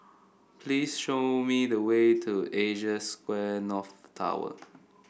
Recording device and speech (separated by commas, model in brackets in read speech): boundary microphone (BM630), read sentence